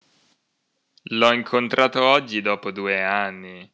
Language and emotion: Italian, disgusted